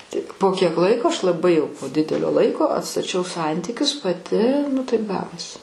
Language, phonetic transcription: Lithuanian, ˈtik po ˈkiek ˈlaiko ˈaš laˈbai jau po ˈdidelio ˈlaiko atstaˈčiau ˈsantykius paˈti nu ˈtaip ˈgavosi

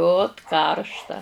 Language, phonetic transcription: Lithuanian, ˈot ˈkaršta

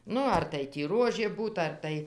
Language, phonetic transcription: Lithuanian, ˈnu ar tai tį ˈruožė ˈbūt ar ˈtai

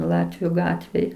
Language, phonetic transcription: Lithuanian, ˈlatviu ˈgatvėj

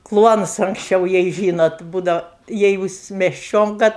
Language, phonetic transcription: Lithuanian, ˈkluonus anksˈčiau jai ˈžynot ˈbūdau ˈjei jūs mesˈčionka

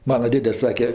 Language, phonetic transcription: Lithuanian, ˈmana ˈdėde ˈsake

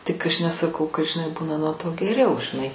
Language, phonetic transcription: Lithuanian, tik ˈaš nesaˈkau kad žiˈnai ˈbūna nuo to geˈriau žiˈnai

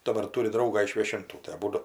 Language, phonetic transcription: Lithuanian, daˈbar ˈturi ˈdraugą iš viešinˈtų tai aˈbūdu

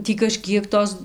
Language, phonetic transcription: Lithuanian, ˈtį kaˈžkiek ˈtos

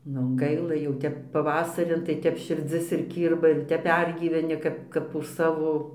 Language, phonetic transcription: Lithuanian, nu ˈgaila jau ˈtep paˈvasarin tai ˈtep širˈdzis ir ˈkyrba ir ˈtep ˈpergyveni ˈkap kap už ˈsavo

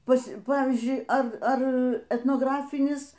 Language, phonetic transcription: Lithuanian, ˈpas ˈpavyzdžiui ˈar ˈar etnograˈfinis

